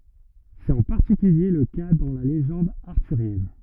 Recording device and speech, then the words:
rigid in-ear microphone, read sentence
C’est en particulier le cas dans la légende arthurienne.

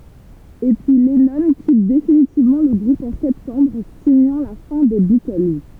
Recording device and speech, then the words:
temple vibration pickup, read sentence
Et puis, Lennon quitte définitivement le groupe en septembre, signant la fin des Beatles.

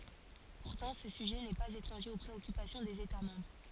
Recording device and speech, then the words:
forehead accelerometer, read sentence
Pourtant, ce sujet n'est pas étranger aux préoccupations des États membres.

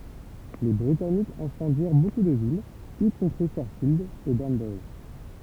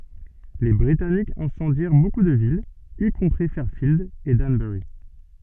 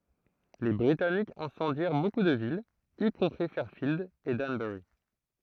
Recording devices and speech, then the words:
temple vibration pickup, soft in-ear microphone, throat microphone, read sentence
Les Britanniques incendièrent beaucoup de villes, y compris Fairfield et Danbury.

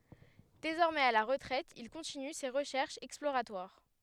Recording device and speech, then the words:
headset microphone, read sentence
Désormais à la retraite il continue ses recherches exploratoires.

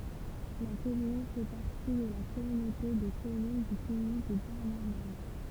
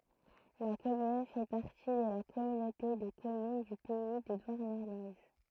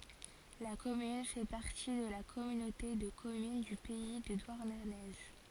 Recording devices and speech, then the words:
temple vibration pickup, throat microphone, forehead accelerometer, read sentence
La commune fait partie de la Communauté de communes du Pays de Douarnenez.

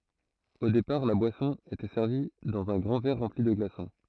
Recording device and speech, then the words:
throat microphone, read sentence
Au départ, la boisson était servie dans un grand verre rempli de glaçons.

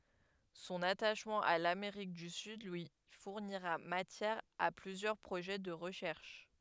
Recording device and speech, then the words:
headset microphone, read sentence
Son attachement à l'Amérique du Sud lui fournira matière à plusieurs projets de recherche.

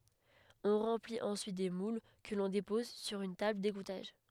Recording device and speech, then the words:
headset microphone, read sentence
On remplit ensuite des moules que l'on dépose sur une table d'égouttage.

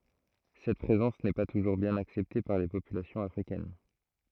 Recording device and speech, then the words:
throat microphone, read sentence
Cette présence n'est pas toujours bien acceptée par les populations africaines.

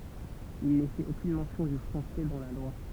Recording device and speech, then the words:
temple vibration pickup, read sentence
Il n'est fait aucune mention du français dans la loi.

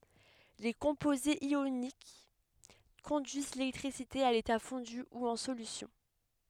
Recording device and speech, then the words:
headset microphone, read sentence
Les composés ioniques conduisent l'électricité à l'état fondu ou en solution.

